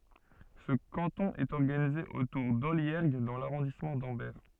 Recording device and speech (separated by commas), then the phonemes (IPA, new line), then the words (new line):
soft in-ear microphone, read sentence
sə kɑ̃tɔ̃ ɛt ɔʁɡanize otuʁ dɔljɛʁɡ dɑ̃ laʁɔ̃dismɑ̃ dɑ̃bɛʁ
Ce canton est organisé autour d'Olliergues dans l'arrondissement d'Ambert.